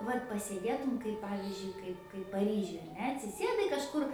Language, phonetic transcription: Lithuanian, ˈvat pasėˈdėtum kaip ˈpavizdžiui ˈkaip kaip paˈryžiuj ar ˈne atsiˈsėdai kažˈkur

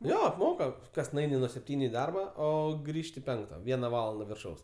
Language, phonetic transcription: Lithuanian, ˈjo apˈmoka ˈkas nuˈaini nuo sepˈtyniu i ˈdarba ˈo ˈgrįžti ˈpenkta ˈviena ˈvalanda virˈšaus

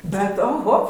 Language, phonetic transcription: Lithuanian, bet oˈho

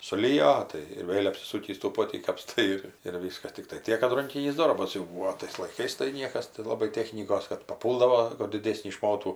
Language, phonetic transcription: Lithuanian, suˈlijo tai ir ˈvėl' apsiˈsūkįs tų ˈpotį kapˈstai ir ir ˈvyskas ˈtiktai ˈtiek kad ˈrankinys ˈdorbas jau ˈbūo ˈtais laiˈkais tai ˈniekas tai laˈbai ˈtechnykos kad paˈpūldavo kur diˈdėsnį ˈšmotų

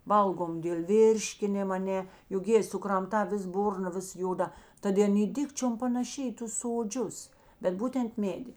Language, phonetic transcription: Lithuanian, ˈvalgom dėl ˈvirškinim aˈne juk ˈjėi sukramˈtā ˈvis ˈburna ˈvis ˈjoˌda ˈtad i ˈan ˈy ˈdikčiom panaˈši i ˈtus soˈdžius bet ˈbūtent ˈmėdi

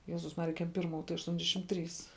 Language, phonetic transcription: Lithuanian, ˈjezus ˈmarija ˈkem ˈpirˌmų tai ašˈtuondešim ˈtrys

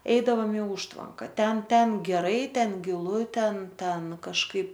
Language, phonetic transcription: Lithuanian, ˈeidavom i ˈužtvanka ˈten ˈten geˈrai ˈten giˈlu ˈten ˈten kažˈkaip

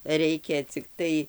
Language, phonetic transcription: Lithuanian, ˈreikia cikˈtai

